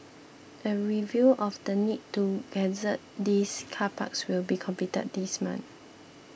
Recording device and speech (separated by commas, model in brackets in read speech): boundary microphone (BM630), read sentence